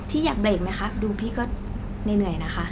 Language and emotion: Thai, frustrated